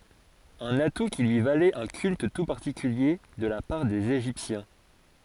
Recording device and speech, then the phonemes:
forehead accelerometer, read sentence
œ̃n atu ki lyi valɛt œ̃ kylt tu paʁtikylje də la paʁ dez eʒiptjɛ̃

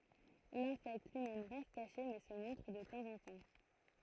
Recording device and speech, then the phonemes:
throat microphone, read sentence
lɛ̃sɛkt lyi mɛm ʁɛst kaʃe mɛ sə mɔ̃tʁ də tɑ̃zɑ̃tɑ̃

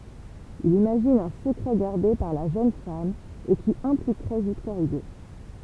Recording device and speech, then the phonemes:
temple vibration pickup, read sentence
il imaʒin œ̃ səkʁɛ ɡaʁde paʁ la ʒøn fam e ki ɛ̃plikʁɛ viktɔʁ yɡo

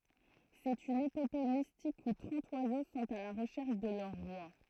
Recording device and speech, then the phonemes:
throat microphone, read sentence
sɛt yn epope mistik u tʁɑ̃t wazo sɔ̃t a la ʁəʃɛʁʃ də lœʁ ʁwa

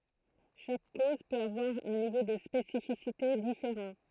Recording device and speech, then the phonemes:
throat microphone, read sentence
ʃak koz pøt avwaʁ œ̃ nivo də spesifisite difeʁɑ̃

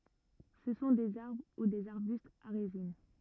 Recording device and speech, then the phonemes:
rigid in-ear microphone, read sentence
sə sɔ̃ dez aʁbʁ u dez aʁbystz a ʁezin

